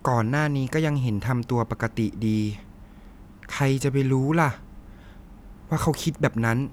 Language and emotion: Thai, sad